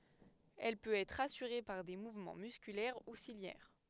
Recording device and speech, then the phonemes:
headset microphone, read sentence
ɛl pøt ɛtʁ asyʁe paʁ de muvmɑ̃ myskylɛʁ u siljɛʁ

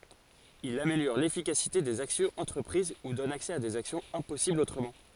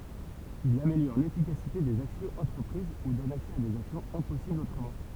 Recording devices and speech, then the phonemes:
forehead accelerometer, temple vibration pickup, read sentence
il ameljɔʁ lefikasite dez aksjɔ̃z ɑ̃tʁəpʁiz u dɔn aksɛ a dez aksjɔ̃z ɛ̃pɔsiblz otʁəmɑ̃

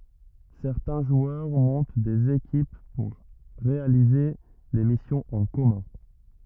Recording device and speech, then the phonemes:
rigid in-ear microphone, read sentence
sɛʁtɛ̃ ʒwœʁ mɔ̃t dez ekip puʁ ʁealize de misjɔ̃z ɑ̃ kɔmœ̃

